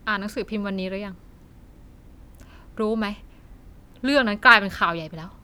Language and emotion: Thai, frustrated